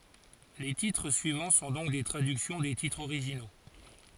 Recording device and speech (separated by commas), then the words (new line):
forehead accelerometer, read sentence
Les titres suivants sont donc des traductions des titres originaux.